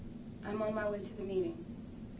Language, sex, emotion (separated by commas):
English, female, neutral